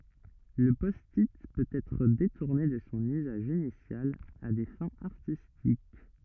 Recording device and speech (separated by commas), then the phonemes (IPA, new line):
rigid in-ear microphone, read sentence
lə pɔsti pøt ɛtʁ detuʁne də sɔ̃ yzaʒ inisjal a de fɛ̃z aʁtistik